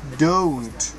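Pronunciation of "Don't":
'Don't' is said slowly.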